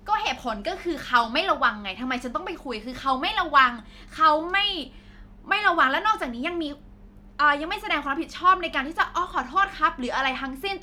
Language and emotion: Thai, angry